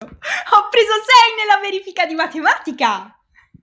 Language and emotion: Italian, happy